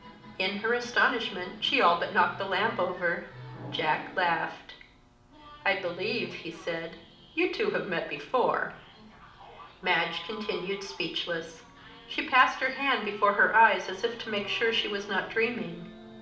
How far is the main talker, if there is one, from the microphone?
2.0 m.